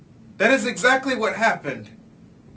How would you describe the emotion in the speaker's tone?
angry